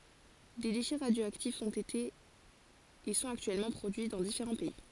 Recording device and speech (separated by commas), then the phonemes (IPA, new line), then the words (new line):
forehead accelerometer, read sentence
de deʃɛ ʁadjoaktifz ɔ̃t ete e sɔ̃t aktyɛlmɑ̃ pʁodyi dɑ̃ difeʁɑ̃ pɛi
Des déchets radioactifs ont été et sont actuellement produits dans différents pays.